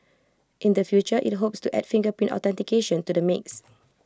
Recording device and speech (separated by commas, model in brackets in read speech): close-talking microphone (WH20), read sentence